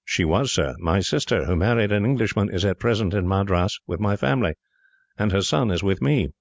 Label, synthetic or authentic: authentic